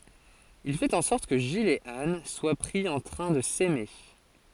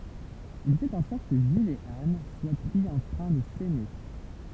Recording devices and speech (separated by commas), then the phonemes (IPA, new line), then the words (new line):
forehead accelerometer, temple vibration pickup, read sentence
il fɛt ɑ̃ sɔʁt kə ʒil e an swa pʁi ɑ̃ tʁɛ̃ də sɛme
Il fait en sorte que Gilles et Anne soient pris en train de s’aimer.